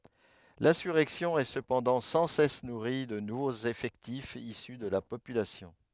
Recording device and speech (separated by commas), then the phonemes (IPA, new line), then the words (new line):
headset microphone, read sentence
lɛ̃syʁɛksjɔ̃ ɛ səpɑ̃dɑ̃ sɑ̃ sɛs nuʁi də nuvoz efɛktifz isy də la popylasjɔ̃
L'insurrection est cependant sans cesse nourrie de nouveaux effectifs issus de la population.